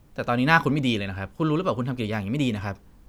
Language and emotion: Thai, frustrated